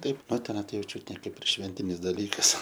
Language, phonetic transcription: Lithuanian, ˈtaip ˈnu teˈnai ˈjau ˈčiut ne ˈkaip ir ˈšventinis daˈlykas

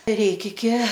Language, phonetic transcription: Lithuanian, ir ˈreik iki

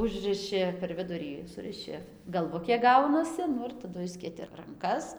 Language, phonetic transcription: Lithuanian, ˈužrɨši per ˈvidurį ˈsuriši galˈvukė ˈgaunasi ˈnu ir taˈdu ˈišskėti ranˈkas

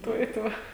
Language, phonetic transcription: Lithuanian, ˈtuo i ˈtuo

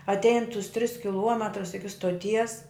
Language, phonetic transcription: Lithuanian, atˈein tus tris kiˈluometrus ˈiki stoˈties

